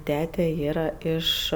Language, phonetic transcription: Lithuanian, ˈtete ˈyra ˈiš

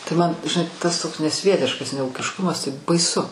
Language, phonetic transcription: Lithuanian, tai man žiˈnai tas ˈtoks neˈsvietiškas neūkišˈkumas tai baiˈsu

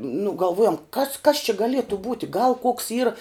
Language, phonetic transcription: Lithuanian, nu galˈvuojom kas kas či gaˈlietu ˈbūti gal koks ˈyra

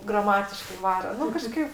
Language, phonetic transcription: Lithuanian, graˈmatiškai ˈvaro ˈnu kaˈžkaip

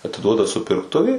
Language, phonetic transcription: Lithuanian, atiˈduoda supirkˈtuvei

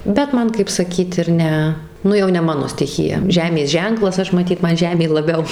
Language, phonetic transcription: Lithuanian, bet ˈman kaip saˈkyt ir ˈne ˈnu jau ne ˈmano stiˈchija ˈžemės ˈženklas ˈaš maˈtyt ˈman ˈžemė laˈbiau

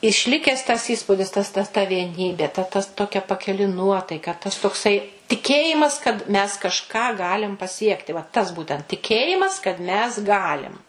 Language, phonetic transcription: Lithuanian, išˈlikes ˈtas ˈįspudis ˈtas ta ta vieˈnybė ta ˈtas ˈtokia pakiˈli ˈnuotaika ˈtas tokˈsai tiˈkėjimas kad mes kažˈką ˈgalim paˈsiekti va tas ˈbūtent tiˈkėjimas kad mes ˈgalim

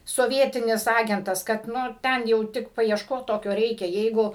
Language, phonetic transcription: Lithuanian, soˈvietinis ˈagentas kad ˈnu ˈten jau ˈtik paiešˈkot ˈtokio ˈreikia ˈjeigu

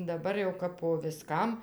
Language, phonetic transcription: Lithuanian, daˈbar jau kap po viˈskam

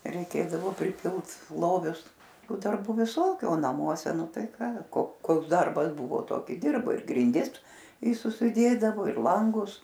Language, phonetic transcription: Lithuanian, reiˈkėdavo priˈpilt ˈlovius ˈtų darˈbų viˈsokiu o naˈmuose ˈnu ˈtai ˈką ko ˈkoks ˈdarbas ˈbuvo ˈtoki ˈdirbai ir grinˈdis i susiˈdėdavo ir ˈlangus

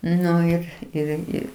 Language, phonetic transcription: Lithuanian, ˈnu ir ir ˈirgi

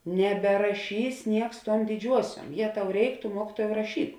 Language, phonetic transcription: Lithuanian, neberaˈšys ˈnieks ˈtuom diˈdžiuosiuom ˈjė ˈtau ˈreik tu ˈmuokituojau raˈšyk

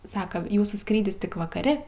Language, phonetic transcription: Lithuanian, ˈsaka ˈjūsų ˈskrydis ˈtik vakaˈri

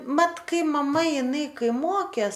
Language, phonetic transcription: Lithuanian, ˈmat ˈkai maˈma iˈnai ˈkai ˈmokės

